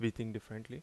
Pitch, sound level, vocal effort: 115 Hz, 80 dB SPL, normal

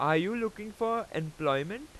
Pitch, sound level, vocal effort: 210 Hz, 93 dB SPL, very loud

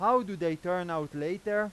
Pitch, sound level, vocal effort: 180 Hz, 99 dB SPL, very loud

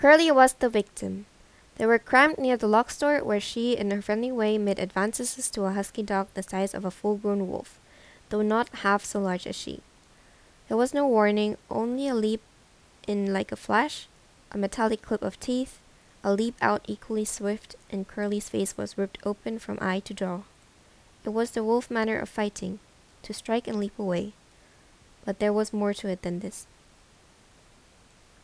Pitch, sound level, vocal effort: 210 Hz, 81 dB SPL, normal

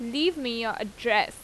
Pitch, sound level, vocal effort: 235 Hz, 88 dB SPL, loud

